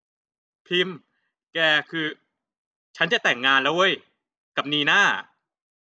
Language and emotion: Thai, frustrated